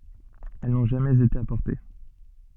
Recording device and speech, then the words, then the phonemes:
soft in-ear microphone, read sentence
Elles n'ont jamais été apportées.
ɛl nɔ̃ ʒamɛz ete apɔʁte

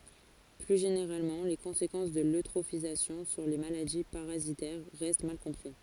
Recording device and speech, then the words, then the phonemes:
forehead accelerometer, read sentence
Plus généralement, les conséquences de l'eutrophisation sur les maladies parasitaires restent mal compris.
ply ʒeneʁalmɑ̃ le kɔ̃sekɑ̃s də løtʁofizasjɔ̃ syʁ le maladi paʁazitɛʁ ʁɛst mal kɔ̃pʁi

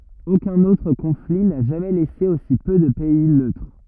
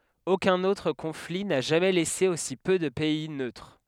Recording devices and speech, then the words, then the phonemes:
rigid in-ear microphone, headset microphone, read sentence
Aucun autre conflit n'a jamais laissé aussi peu de pays neutres.
okœ̃n otʁ kɔ̃fli na ʒamɛ lɛse osi pø də pɛi nøtʁ

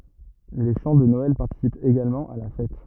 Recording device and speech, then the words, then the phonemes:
rigid in-ear microphone, read sentence
Les chants de Noël participent également à la fête.
le ʃɑ̃ də nɔɛl paʁtisipt eɡalmɑ̃ a la fɛt

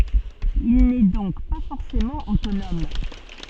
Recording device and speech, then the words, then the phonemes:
soft in-ear microphone, read sentence
Il n'est donc pas forcément autonome.
il nɛ dɔ̃k pa fɔʁsemɑ̃ otonɔm

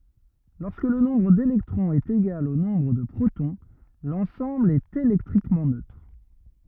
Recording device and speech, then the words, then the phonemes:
rigid in-ear microphone, read sentence
Lorsque le nombre d'électrons est égal au nombre de protons, l'ensemble est électriquement neutre.
lɔʁskə lə nɔ̃bʁ delɛktʁɔ̃z ɛt eɡal o nɔ̃bʁ də pʁotɔ̃ lɑ̃sɑ̃bl ɛt elɛktʁikmɑ̃ nøtʁ

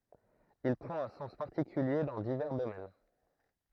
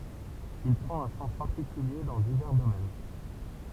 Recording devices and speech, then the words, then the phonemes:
throat microphone, temple vibration pickup, read sentence
Il prend un sens particulier dans divers domaines.
il pʁɑ̃t œ̃ sɑ̃s paʁtikylje dɑ̃ divɛʁ domɛn

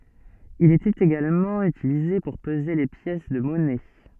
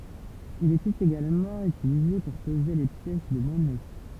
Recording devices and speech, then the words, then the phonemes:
soft in-ear microphone, temple vibration pickup, read sentence
Il était également utilisé pour peser les pièces de monnaies.
il etɛt eɡalmɑ̃ ytilize puʁ pəze le pjɛs də mɔnɛ

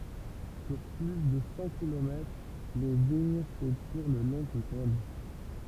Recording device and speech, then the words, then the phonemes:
temple vibration pickup, read sentence
Sur plus de cent kilomètres, les vignes s'étirent le long du Rhône.
syʁ ply də sɑ̃ kilomɛtʁ le viɲ setiʁ lə lɔ̃ dy ʁɔ̃n

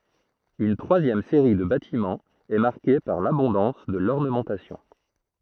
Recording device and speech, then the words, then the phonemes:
throat microphone, read sentence
Une troisième série de bâtiments est marquée par l’abondance de l’ornementation.
yn tʁwazjɛm seʁi də batimɑ̃z ɛ maʁke paʁ labɔ̃dɑ̃s də lɔʁnəmɑ̃tasjɔ̃

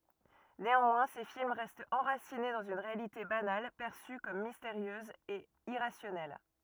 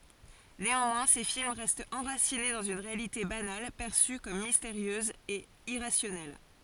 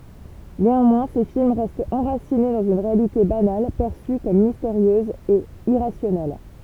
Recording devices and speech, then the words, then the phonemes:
rigid in-ear microphone, forehead accelerometer, temple vibration pickup, read sentence
Néanmoins, ses films restent enracinés dans une réalité banale, perçue comme mystérieuse et irrationnelle.
neɑ̃mwɛ̃ se film ʁɛstt ɑ̃ʁasine dɑ̃z yn ʁealite banal pɛʁsy kɔm misteʁjøz e iʁasjɔnɛl

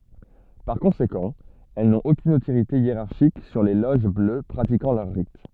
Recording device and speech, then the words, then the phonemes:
soft in-ear microphone, read sentence
Par conséquent, elles n'ont aucune autorité hiérarchique sur les loges bleues pratiquant leur rite.
paʁ kɔ̃sekɑ̃ ɛl nɔ̃t okyn otoʁite jeʁaʁʃik syʁ le loʒ blø pʁatikɑ̃ lœʁ ʁit

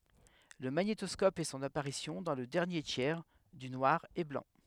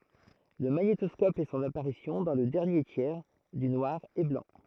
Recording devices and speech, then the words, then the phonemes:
headset microphone, throat microphone, read sentence
Le magnétoscope fait son apparition dans le dernier tiers du noir et blanc.
lə maɲetɔskɔp fɛ sɔ̃n apaʁisjɔ̃ dɑ̃ lə dɛʁnje tjɛʁ dy nwaʁ e blɑ̃

